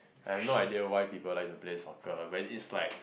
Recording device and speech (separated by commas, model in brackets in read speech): boundary microphone, conversation in the same room